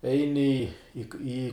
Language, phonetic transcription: Lithuanian, ˈeini i ˈį

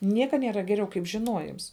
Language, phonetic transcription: Lithuanian, ˈnieka nieˈra geˈriau kaip žiˈnuojims

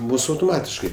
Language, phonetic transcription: Lithuanian, ˈmus autoˈmatiškai

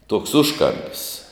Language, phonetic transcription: Lithuanian, tuoks ˈužkampis

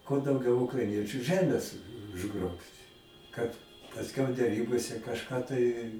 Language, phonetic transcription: Lithuanian, kuo dauˈgiau ukraiˈniečiu ˈžemės užˈgrobt' ˈkad pasˈkiau deˈrybose kažˈką tai

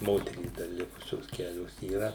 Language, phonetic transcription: Lithuanian, ˈmoterys dar ˈlikusios ˈkelios yˈra

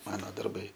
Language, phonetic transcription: Lithuanian, ˈmano darˈbai

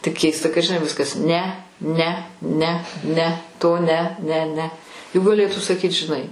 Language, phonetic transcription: Lithuanian, tik ˈkeista kad žiˈnai ˈviskas ˈne ˈne ˈne ˈne ˈto ˈne ˈne ˈne juk gaˈlėtų saˈkyt žiˈnai

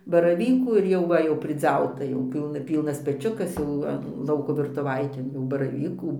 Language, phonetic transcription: Lithuanian, baraˈvykų ir ˈjau va jau priˈdziauta jau ˈpylna ˈpylnas peˈčiukas jau ˈva ˈlauko virtuˈvaitėn jau baraˈvykų

